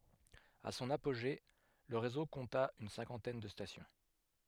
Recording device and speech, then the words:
headset microphone, read sentence
À son apogée, le réseau compta une cinquantaine de stations.

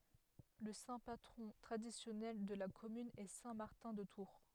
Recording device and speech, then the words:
headset microphone, read sentence
Le saint patron traditionnel de la commune est saint Martin de Tours.

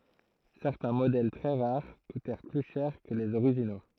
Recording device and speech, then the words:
throat microphone, read sentence
Certains modèles très rares coutèrent plus cher que les originaux.

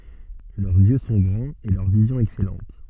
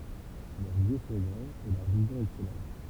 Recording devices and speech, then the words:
soft in-ear microphone, temple vibration pickup, read sentence
Leurs yeux sont grands et leur vision excellente.

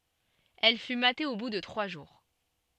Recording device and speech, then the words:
soft in-ear microphone, read sentence
Elle fut matée au bout de trois jours.

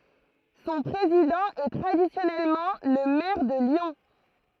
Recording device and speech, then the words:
throat microphone, read sentence
Son président est traditionnellement le maire de Lyon.

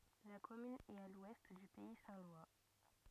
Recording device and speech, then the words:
rigid in-ear microphone, read sentence
La commune est à l'ouest du pays saint-lois.

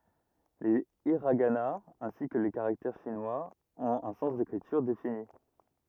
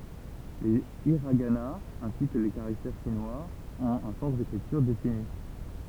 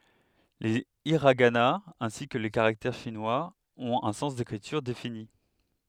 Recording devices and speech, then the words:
rigid in-ear microphone, temple vibration pickup, headset microphone, read sentence
Les hiraganas, ainsi que les caractères chinois, ont un sens d'écriture défini.

